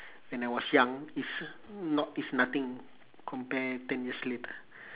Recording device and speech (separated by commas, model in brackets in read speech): telephone, conversation in separate rooms